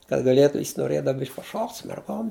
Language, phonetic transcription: Lithuanian, kad gaˈlėtu jis noˈrėdav ˈbišk' paˈšokt' su merˈgom

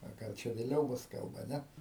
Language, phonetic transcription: Lithuanian, a gal ˈčia vėˈliau ˈbus ˈkalba ˈne

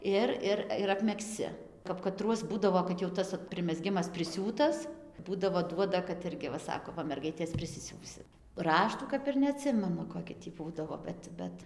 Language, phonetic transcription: Lithuanian, ˈir ˈir ir apmegzˈci kap kaˈtruos ˈbūdavo kad jau ˈot ˈtas primeˈzgimas priˈsiūtas ˈbūdavo ˈduoda kad ˈirgi va ˈsako ˈva ˈmergaitės prisiˈsiūsit ˈraštų kap ir neaˈtsimenu koˈki tį ˈbūdavo ˈbet ˈbet

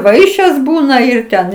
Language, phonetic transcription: Lithuanian, ˈvaišės ˈbūna ˈir ˈten

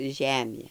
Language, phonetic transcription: Lithuanian, ˈžemė

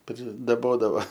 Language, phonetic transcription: Lithuanian, pridaˈbodava

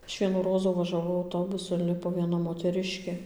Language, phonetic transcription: Lithuanian, ˈaš ˈvienų ˈrozų važaˈvau auˈtobusu inˈlipo vieˈna moteˈriškė

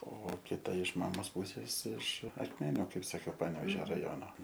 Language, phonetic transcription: Lithuanian, o kiˈta iš ˈmamos ˈpusės iš akˈmeniu ˈkaip saˈkiau ˈpanevežio raˈjono

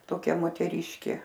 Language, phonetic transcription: Lithuanian, toˈkia moteˈryškė

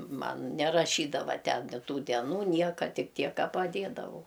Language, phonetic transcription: Lithuanian, ˈman neraˈšydava ˈten ˈtų deˈnų ˈnieka ˈtik ˈtiek ˈka paˈdėdavau

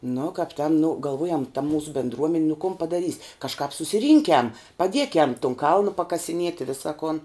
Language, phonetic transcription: Lithuanian, nu kap ˈten nu galˈvuojam ta ˈmūsu bendˈruomen' nu kun padaˈrys' kažˈkāp susiˈrynkiam paˈdiekiam tun ˈkalnu pakasiˈnieti i ˈvisa kon

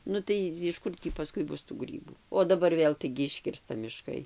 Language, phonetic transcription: Lithuanian, ˈnu tai jiš ˈkur tį paˈskui ˈbus tų ˈgrybų o daˈbar ˈvėl taigi ˈiškirsta miˈškai

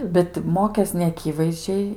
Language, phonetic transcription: Lithuanian, bet ˈmokės neaˈkyvaizdžiai

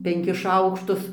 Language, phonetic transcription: Lithuanian, penˈkis ˈšaukštus

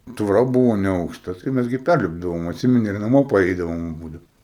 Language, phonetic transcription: Lithuanian, tvoˈra ˈbuvo neaukˈšta tai ˈmæs gi ˈpærlipdavom atˈsimeni ir naˈmo paˈreidavom ˈbūdau

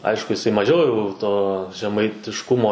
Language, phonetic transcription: Lithuanian, ˈaišku jiˈsai maˈžiau jau to žemaitišˈkumo

